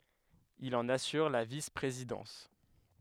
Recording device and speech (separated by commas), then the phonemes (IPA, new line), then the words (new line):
headset microphone, read sentence
il ɑ̃n asyʁ la vispʁezidɑ̃s
Il en assure la vice-présidence.